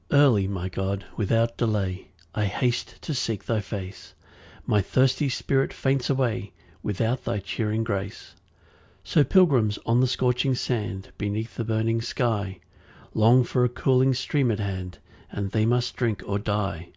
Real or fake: real